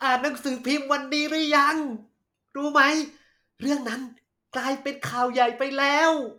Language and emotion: Thai, happy